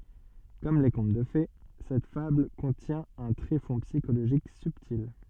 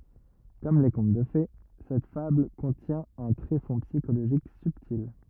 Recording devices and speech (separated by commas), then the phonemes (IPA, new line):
soft in-ear microphone, rigid in-ear microphone, read sentence
kɔm le kɔ̃t də fe sɛt fabl kɔ̃tjɛ̃ œ̃ tʁefɔ̃ psikoloʒik sybtil